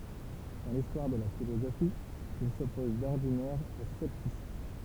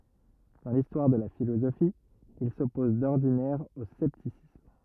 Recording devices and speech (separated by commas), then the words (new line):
temple vibration pickup, rigid in-ear microphone, read sentence
Dans l'histoire de la philosophie, il s'oppose d'ordinaire au scepticisme.